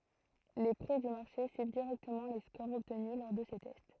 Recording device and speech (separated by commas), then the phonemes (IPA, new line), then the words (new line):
throat microphone, read sentence
le pʁi dy maʁʃe syiv diʁɛktəmɑ̃ le skoʁz ɔbtny lɔʁ də se tɛst
Les prix du marché suivent directement les scores obtenus lors de ces tests.